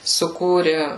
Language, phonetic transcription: Lithuanian, suˈkūri

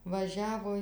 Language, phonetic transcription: Lithuanian, vaˈžiavo

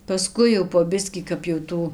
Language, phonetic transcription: Lithuanian, paˈskui jau po ˈbiskį kap jau ˈtų

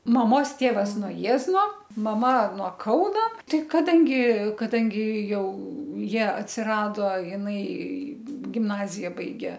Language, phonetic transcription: Lithuanian, maˈmos ˈtėvas no ˈjiezno maˈma nuo ˈkauno ˈtai kaˈdangi kaˈdangi ˈjau ˈjie atsiˈrado jiˈnai gimˈnazija ˈbaigė

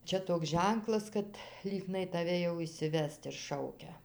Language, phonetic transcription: Lithuanian, ˈčia toks ˈženklas kad ˈlygnai taˈve jau išsiˈvest ir ˈšaukia

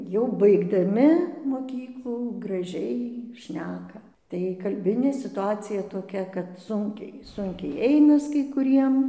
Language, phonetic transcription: Lithuanian, jau baigdaˈmi moˈkyklų graˈžiai ˈšneka tai kalˈbinė situˈacija toˈkia kad ˈsunkiai ˈsunkiai ˈeinas kai kuˈriem

